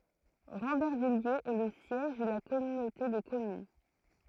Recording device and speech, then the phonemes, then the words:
throat microphone, read sentence
ʁɑ̃bɛʁvijez ɛ lə sjɛʒ də la kɔmynote də kɔmyn
Rambervillers est le siège de la communauté de communes.

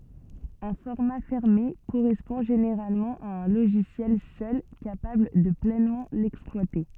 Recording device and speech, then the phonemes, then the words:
soft in-ear microphone, read sentence
œ̃ fɔʁma fɛʁme koʁɛspɔ̃ ʒeneʁalmɑ̃ a œ̃ loʒisjɛl sœl kapabl də plɛnmɑ̃ lɛksplwate
Un format fermé correspond généralement à un logiciel seul capable de pleinement l'exploiter.

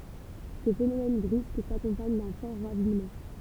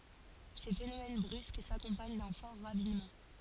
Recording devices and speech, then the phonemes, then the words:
temple vibration pickup, forehead accelerometer, read sentence
se fenomɛn bʁysk sakɔ̃paɲ dœ̃ fɔʁ ʁavinmɑ̃
Ces phénomènes brusques s’accompagnent d’un fort ravinement.

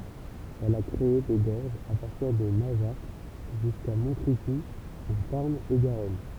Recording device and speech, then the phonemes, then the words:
temple vibration pickup, read sentence
ɛl a kʁee de ɡɔʁʒz a paʁtiʁ də naʒak ʒyska mɔ̃tʁikuz ɑ̃ taʁn e ɡaʁɔn
Elle a créé des gorges à partir de Najac, jusqu'à Montricoux en Tarn-et-Garonne.

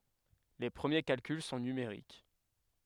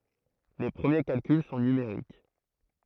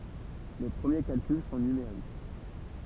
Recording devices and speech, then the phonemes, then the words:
headset microphone, throat microphone, temple vibration pickup, read sentence
le pʁəmje kalkyl sɔ̃ nymeʁik
Les premiers calculs sont numériques.

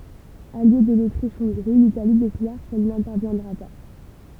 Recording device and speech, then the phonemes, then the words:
temple vibration pickup, read sentence
alje də lotʁiʃɔ̃ɡʁi litali deklaʁ kɛl nɛ̃tɛʁvjɛ̃dʁa pa
Alliée de l’Autriche-Hongrie, l’Italie déclare qu’elle n’interviendra pas.

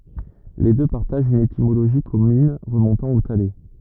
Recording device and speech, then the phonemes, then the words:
rigid in-ear microphone, read sentence
le dø paʁtaʒt yn etimoloʒi kɔmyn ʁəmɔ̃tɑ̃ o tale
Les deux partagent une étymologie commune remontant au thaler.

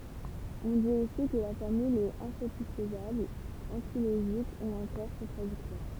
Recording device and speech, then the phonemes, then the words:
temple vibration pickup, read sentence
ɔ̃ dit osi kə la fɔʁmyl ɛt ɛ̃satisfəzabl ɑ̃tiloʒik u ɑ̃kɔʁ kɔ̃tʁadiktwaʁ
On dit aussi que la formule est insatisfaisable, antilogique ou encore contradictoire.

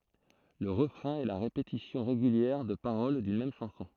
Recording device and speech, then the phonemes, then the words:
throat microphone, read sentence
lə ʁəfʁɛ̃ ɛ la ʁepetisjɔ̃ ʁeɡyljɛʁ də paʁol dyn mɛm ʃɑ̃sɔ̃
Le refrain est la répétition régulière de paroles d’une même chanson.

